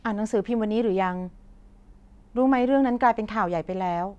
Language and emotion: Thai, frustrated